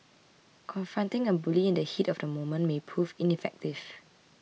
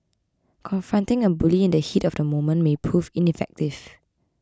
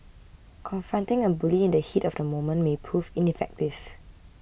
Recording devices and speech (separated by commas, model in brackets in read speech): mobile phone (iPhone 6), close-talking microphone (WH20), boundary microphone (BM630), read sentence